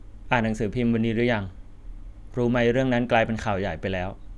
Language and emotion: Thai, neutral